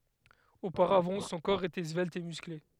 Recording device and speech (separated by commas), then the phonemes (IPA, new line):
headset microphone, read sentence
opaʁavɑ̃ sɔ̃ kɔʁ etɛ zvɛlt e myskle